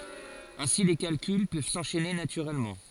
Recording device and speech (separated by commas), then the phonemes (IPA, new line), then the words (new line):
forehead accelerometer, read sentence
ɛ̃si le kalkyl pøv sɑ̃ʃɛne natyʁɛlmɑ̃
Ainsi les calculs peuvent s'enchaîner naturellement.